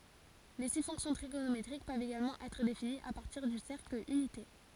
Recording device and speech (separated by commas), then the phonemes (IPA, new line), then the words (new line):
forehead accelerometer, read sentence
le si fɔ̃ksjɔ̃ tʁiɡonometʁik pøvt eɡalmɑ̃ ɛtʁ definiz a paʁtiʁ dy sɛʁkl ynite
Les six fonctions trigonométriques peuvent également être définies à partir du cercle unité.